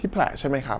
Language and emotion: Thai, neutral